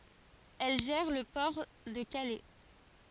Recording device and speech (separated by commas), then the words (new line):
forehead accelerometer, read sentence
Elle gère le port de Calais.